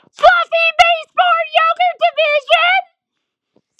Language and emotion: English, happy